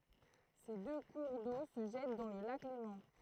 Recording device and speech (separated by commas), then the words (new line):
throat microphone, read sentence
Ces deux cours d'eau se jettent dans le lac Léman.